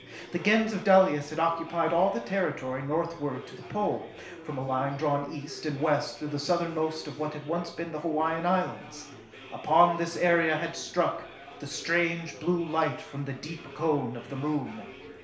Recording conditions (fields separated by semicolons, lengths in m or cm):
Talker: one person; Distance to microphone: 1.0 m; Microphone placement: close; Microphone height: 1.1 m; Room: small (3.7 m by 2.7 m); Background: babble